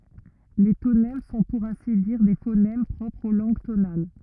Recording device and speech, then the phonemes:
rigid in-ear microphone, read sentence
le tonɛm sɔ̃ puʁ ɛ̃si diʁ de fonɛm pʁɔpʁz o lɑ̃ɡ tonal

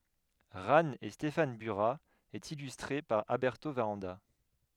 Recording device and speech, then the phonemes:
headset microphone, read sentence
ʁan e stefan byʁa e ilystʁe paʁ albɛʁto vaʁɑ̃da

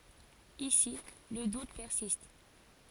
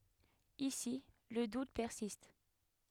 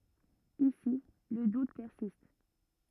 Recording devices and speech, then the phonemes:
forehead accelerometer, headset microphone, rigid in-ear microphone, read sentence
isi lə dut pɛʁsist

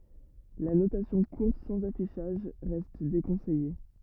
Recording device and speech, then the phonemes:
rigid in-ear microphone, read sentence
la notasjɔ̃ kuʁt sɑ̃z afiʃaʒ ʁɛst dekɔ̃sɛje

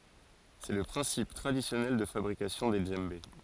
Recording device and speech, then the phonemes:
forehead accelerometer, read sentence
sɛ lə pʁɛ̃sip tʁadisjɔnɛl də fabʁikasjɔ̃ de dʒɑ̃be

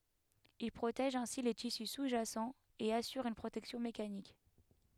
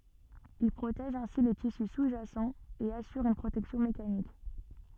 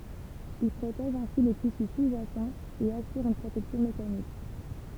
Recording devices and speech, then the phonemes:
headset microphone, soft in-ear microphone, temple vibration pickup, read sentence
il pʁotɛʒ ɛ̃si le tisy suzʒasɑ̃ e asyʁ yn pʁotɛksjɔ̃ mekanik

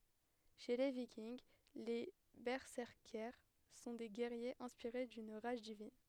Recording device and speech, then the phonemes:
headset microphone, read sentence
ʃe le vikinɡ le bɛsɛʁkɛʁs sɔ̃ de ɡɛʁjez ɛ̃spiʁe dyn ʁaʒ divin

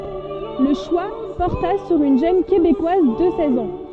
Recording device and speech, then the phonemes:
soft in-ear microphone, read sentence
lə ʃwa pɔʁta syʁ yn ʒøn kebekwaz də sɛz ɑ̃

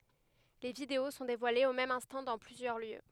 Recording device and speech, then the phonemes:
headset microphone, read sentence
le video sɔ̃ devwalez o mɛm ɛ̃stɑ̃ dɑ̃ plyzjœʁ ljø

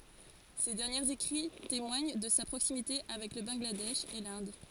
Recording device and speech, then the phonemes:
forehead accelerometer, read sentence
se dɛʁnjez ekʁi temwaɲ də sa pʁoksimite avɛk lə bɑ̃ɡladɛʃ e lɛ̃d

